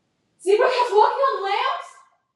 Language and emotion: English, fearful